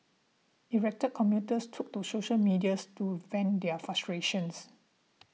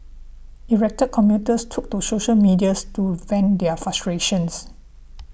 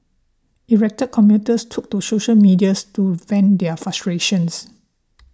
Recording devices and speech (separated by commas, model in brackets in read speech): mobile phone (iPhone 6), boundary microphone (BM630), standing microphone (AKG C214), read sentence